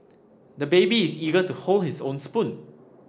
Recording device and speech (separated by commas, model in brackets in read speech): standing microphone (AKG C214), read sentence